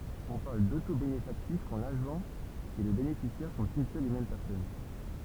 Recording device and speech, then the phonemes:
temple vibration pickup, read sentence
ɔ̃ paʁl dotobenefaktif kɑ̃ laʒɑ̃ e lə benefisjɛʁ sɔ̃t yn sœl e mɛm pɛʁsɔn

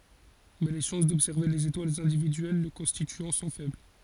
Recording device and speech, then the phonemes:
forehead accelerometer, read sentence
mɛ le ʃɑ̃s dɔbsɛʁve lez etwalz ɛ̃dividyɛl lə kɔ̃stityɑ̃ sɔ̃ fɛbl

